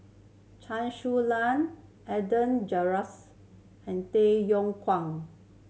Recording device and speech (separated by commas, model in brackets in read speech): mobile phone (Samsung C7100), read sentence